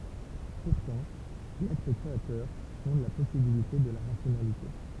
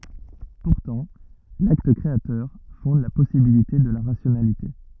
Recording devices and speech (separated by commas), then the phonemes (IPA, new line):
temple vibration pickup, rigid in-ear microphone, read sentence
puʁtɑ̃ lakt kʁeatœʁ fɔ̃d la pɔsibilite də la ʁasjonalite